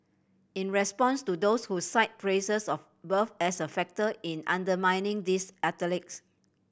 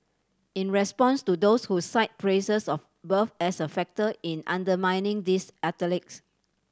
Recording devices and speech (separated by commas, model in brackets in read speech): boundary microphone (BM630), standing microphone (AKG C214), read sentence